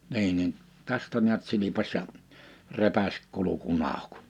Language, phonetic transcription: Finnish, 'ni̬i nin , 'tästä ni̬ät 'sili̬paś ja , 'repäs 'kuluku'n ‿àuk .
- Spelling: niin niin tästä näet silpaisi ja repäisi kurkun auki

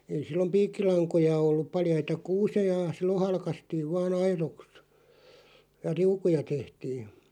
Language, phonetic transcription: Finnish, ei 'sillom "piikkilaŋkoja 'olluᵖ 'paljaita "kuuse̳j̳a̳§ 'sillon̬ 'halkastiiv vaa'n ‿airoks , ja "riukuja 'tehtii .
- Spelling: ei silloin piikkilankoja ollut paljaita kuusia silloin halkaistiin vain aidoiksi ja riukuja tehtiin

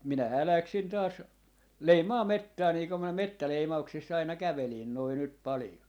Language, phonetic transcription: Finnish, 'minähää 'läksin taas , "leimaa "mettää nii kom minä "mettäleima₍uk - siss ‿aina 'kävelin noi nyt 'palⁱjo .
- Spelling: minähän lähdin taas leimaamaan metsää niin kun minä metsäleimauksissa aina kävelin noin nyt paljon

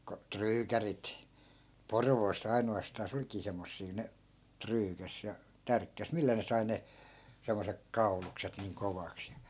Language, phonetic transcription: Finnish, ko , "tryykärit , "porvoos's ‿aino₍astaa's ‿olkii semmossii ne , 'tryykäs ja , 'tärkkäs "millä ne sai 'ne , 'semmosek "kau̬lukset niiŋ 'kovaks ja ,.
- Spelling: kun tryykärit Porvoossa ainoastaan olikin semmoisia ne tryykäsi ja tärkkäsi millä ne sai ne semmoiset kaulukset niin kovaksi ja

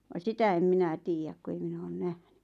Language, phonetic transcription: Finnish, va "sitä em 'minä 'tiijäk ku ei 'minä oon 'nähɴʏ .
- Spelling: vaan sitä en minä tiedä kun ei minä ole nähnyt

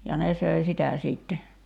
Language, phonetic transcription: Finnish, ja 'ne söi "sitä 'siitte .
- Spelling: ja ne söi sitä sitten

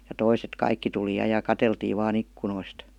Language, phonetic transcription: Finnish, ja 'toiset "kaikki tuli 'ja ja "kateltiiv vaa'n ‿ikkunoist .
- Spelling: ja toiset kaikki tuli ja ja katseltiin vain ikkunoista

